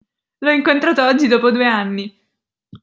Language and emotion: Italian, happy